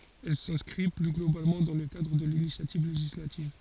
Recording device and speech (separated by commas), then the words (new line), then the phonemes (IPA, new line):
forehead accelerometer, read sentence
Elle s’inscrit plus globalement dans le cadre de l’initiative législative.
ɛl sɛ̃skʁi ply ɡlobalmɑ̃ dɑ̃ lə kadʁ də linisjativ leʒislativ